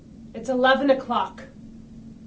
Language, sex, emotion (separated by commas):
English, female, angry